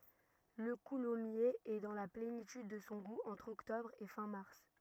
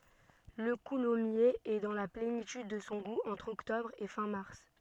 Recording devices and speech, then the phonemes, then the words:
rigid in-ear microphone, soft in-ear microphone, read sentence
lə kulɔmjez ɛ dɑ̃ la plenityd də sɔ̃ ɡu ɑ̃tʁ ɔktɔbʁ e fɛ̃ maʁs
Le coulommiers est dans la plénitude de son goût entre octobre et fin mars.

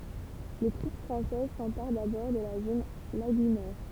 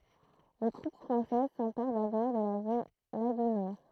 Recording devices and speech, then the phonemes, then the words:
temple vibration pickup, throat microphone, read sentence
le tʁup fʁɑ̃sɛz sɑ̃paʁ dabɔʁ də la zon laɡynɛʁ
Les troupes françaises s'emparent d'abord de la zone lagunaire.

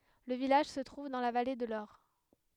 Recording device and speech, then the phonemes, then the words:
headset microphone, read sentence
lə vilaʒ sə tʁuv dɑ̃ la vale də lɔʁ
Le village se trouve dans la vallée de l'Aure.

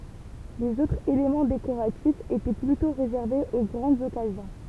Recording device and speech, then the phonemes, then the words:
temple vibration pickup, read sentence
lez otʁz elemɑ̃ dekoʁatifz etɛ plytɔ̃ ʁezɛʁvez o ɡʁɑ̃dz ɔkazjɔ̃
Les autres éléments décoratifs étaient plutôt réservés aux grandes occasions.

